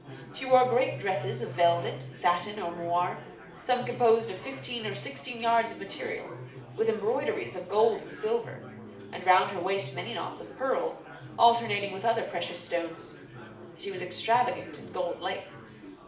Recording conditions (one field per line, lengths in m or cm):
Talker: one person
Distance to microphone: 2.0 m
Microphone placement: close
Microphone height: 99 cm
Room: medium-sized (5.7 m by 4.0 m)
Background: babble